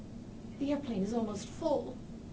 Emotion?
fearful